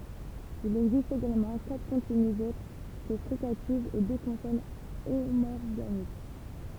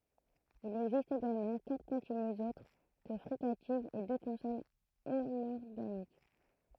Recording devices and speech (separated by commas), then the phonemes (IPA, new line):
temple vibration pickup, throat microphone, read sentence
il ɛɡzist eɡalmɑ̃ katʁ kɔ̃tinyz otʁ kə fʁikativz e dø kɔ̃sɔn omɔʁɡanik